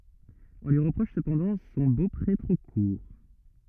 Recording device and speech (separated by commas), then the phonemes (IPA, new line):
rigid in-ear microphone, read sentence
ɔ̃ lyi ʁəpʁɔʃ səpɑ̃dɑ̃ sɔ̃ bopʁe tʁo kuʁ